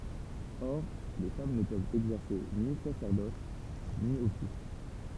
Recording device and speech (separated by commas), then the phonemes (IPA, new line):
temple vibration pickup, read sentence
ɔʁ le fam nə pøvt ɛɡzɛʁse ni sasɛʁdɔs ni ɔfis